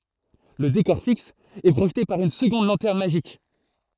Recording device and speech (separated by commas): throat microphone, read sentence